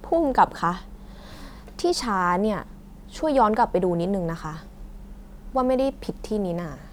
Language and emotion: Thai, frustrated